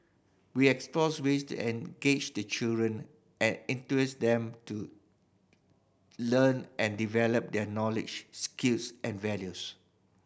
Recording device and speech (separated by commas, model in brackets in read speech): boundary microphone (BM630), read sentence